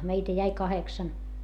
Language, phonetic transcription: Finnish, meitä jäi kaheksan .
- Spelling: meitä jäi kahdeksan

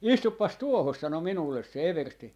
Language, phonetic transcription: Finnish, » "istuppas "tuohos » sano 'minulles se 'eversti .
- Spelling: istupas tuohon sanoi minulle se eversti

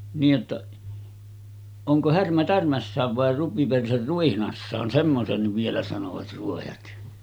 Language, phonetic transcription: Finnish, niij jotta , » oŋko 'Härmä 'tärmässääv vàe 'rupiperser 'ruihnassaan « semmosenniv vielä sanovat 'ruojat .
- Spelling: niin jotta onko Härmä tärmässään vai rupiperse ruihnassaan semmoisenkin vielä sanoivat ruojat

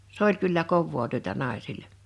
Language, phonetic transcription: Finnish, 's ‿oĺ kyllä "kovvoo työtä 'nài̬sille .
- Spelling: se oli kyllä kovaa työtä naisille

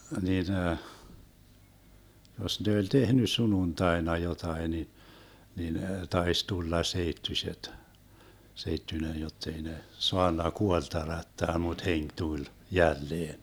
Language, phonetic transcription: Finnish, 'nin , 'jos ne oĺ "tehny 'sununtaena 'jotai ni , 'nin 'tais 'tulla 'seittyśet , 'seittyńen jottei ne , 'soanna 'kuolt (h)erättää 'mut "heŋk 'tuĺ , 'jälleen .
- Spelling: niin jos ne oli tehnyt sunnuntaina jotakin niin niin taisi tulla seittyiset seittyinen jotta ei ne saanut kuollut herättää mutta henki tuli jälleen

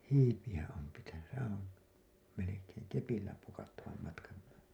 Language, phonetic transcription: Finnish, hiipiʲä 'om 'pitäny , sehää̰ om , melekeeŋ 'kepillä pukattavam matkan .
- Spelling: hiipiä on pitänyt sehän on melkein kepillä pukattavan matkan

